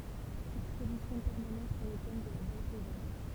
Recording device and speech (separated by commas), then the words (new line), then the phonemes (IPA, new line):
temple vibration pickup, read sentence
Exposition permanente sur le thème de la Belle Plaisance.
ɛkspozisjɔ̃ pɛʁmanɑ̃t syʁ lə tɛm də la bɛl plɛzɑ̃s